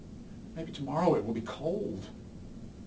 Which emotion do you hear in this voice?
sad